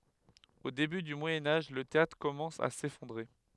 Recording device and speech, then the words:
headset microphone, read sentence
Au début du Moyen Âge, le théâtre commence à s'effondrer.

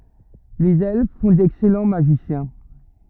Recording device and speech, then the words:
rigid in-ear microphone, read sentence
Les Elfes font d'excellents Magiciens.

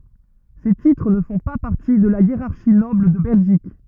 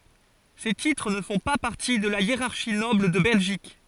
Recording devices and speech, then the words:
rigid in-ear microphone, forehead accelerometer, read sentence
Ces titres ne font pas partie de la hiérarchie noble de Belgique.

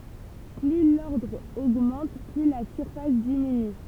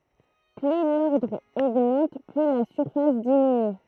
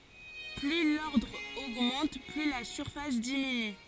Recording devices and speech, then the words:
temple vibration pickup, throat microphone, forehead accelerometer, read sentence
Plus l'ordre augmente, plus la surface diminue.

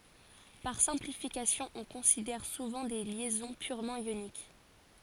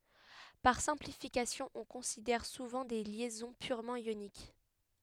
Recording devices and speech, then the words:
forehead accelerometer, headset microphone, read sentence
Par simplification, on considère souvent des liaisons purement ioniques.

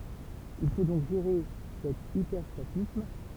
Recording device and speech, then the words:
temple vibration pickup, read sentence
Il faut donc gérer cet hyperstatisme.

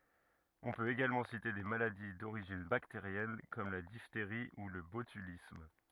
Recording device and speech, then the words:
rigid in-ear microphone, read sentence
On peut également citer des maladies d'origine bactérienne comme la diphtérie ou le botulisme.

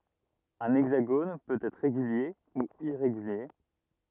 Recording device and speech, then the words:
rigid in-ear microphone, read sentence
Un hexagone peut être régulier ou irrégulier.

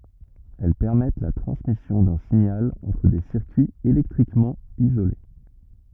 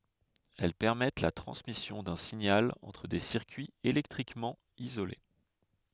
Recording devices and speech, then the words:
rigid in-ear microphone, headset microphone, read sentence
Elles permettent la transmission d'un signal entre des circuits électriquement isolés.

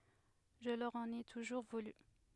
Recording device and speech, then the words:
headset microphone, read sentence
Je leur en ai toujours voulu.

